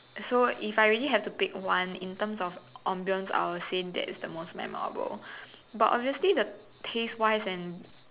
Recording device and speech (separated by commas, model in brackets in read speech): telephone, conversation in separate rooms